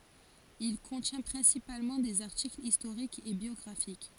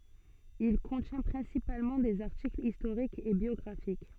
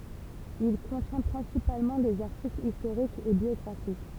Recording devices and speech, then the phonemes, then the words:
forehead accelerometer, soft in-ear microphone, temple vibration pickup, read sentence
il kɔ̃tjɛ̃ pʁɛ̃sipalmɑ̃ dez aʁtiklz istoʁikz e bjɔɡʁafik
Il contient principalement des articles historiques et biographiques.

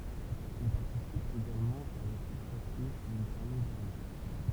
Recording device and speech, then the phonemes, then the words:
temple vibration pickup, read sentence
il paʁtisip eɡalmɑ̃ a la kuʁs a pje u il tɛʁmin dɛʁnje
Il participe également à la course à pied, où il termine dernier.

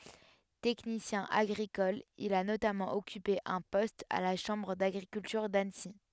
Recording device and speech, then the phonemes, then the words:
headset microphone, read sentence
tɛknisjɛ̃ aɡʁikɔl il a notamɑ̃ ɔkype œ̃ pɔst a la ʃɑ̃bʁ daɡʁikyltyʁ danəsi
Technicien agricole, il a notamment occupé un poste à la Chambre d'agriculture d'Annecy.

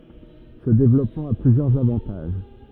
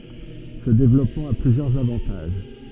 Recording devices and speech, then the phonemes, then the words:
rigid in-ear microphone, soft in-ear microphone, read sentence
sə devlɔpmɑ̃ a plyzjœʁz avɑ̃taʒ
Ce développement a plusieurs avantages.

